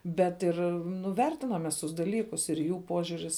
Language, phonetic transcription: Lithuanian, bet ˈir nu ˈvertinam mes ˈtus daˈlykus ir ˈjų ˈpožiuris

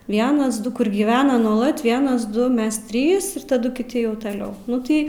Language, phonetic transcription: Lithuanian, ˈvienas ˈdu kur gyˈvena nuoˈlat ˈvienas ˈdu ˈmes ˈtrys ir taˈdu kiˈti jau taˈliau ˈnu tai

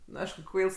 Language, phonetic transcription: Lithuanian, nu ˈaišku ˈkvails

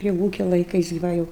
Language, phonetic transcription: Lithuanian, prie ˈvūkia laiˈkais gi ˈva jau

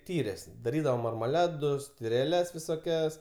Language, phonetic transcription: Lithuanian, ˈtyrės daˈrydavo marmaˈladus tireˈles visoˈkias

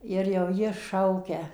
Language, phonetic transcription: Lithuanian, ir jau ˈji ˈšaukia

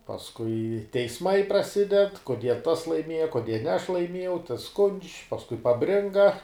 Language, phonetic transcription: Lithuanian, pasˈkui teisˈmai praˈsided koˈdie tas laiˈmieja koˈdie ne aš laiˈmiejau tas skundž' pasˈkui paˈbringa

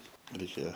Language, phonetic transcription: Lithuanian, reiˈkėja

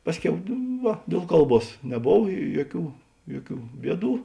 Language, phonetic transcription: Lithuanian, ˈpasˌkiau ˈva dėl ˈkalˌbuos neˈbov ˈjuoˌkių ˈjuoˌkių ˈbieˌdų

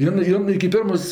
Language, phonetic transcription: Lithuanian, ˈjin ˈjin iki ˈpirmos

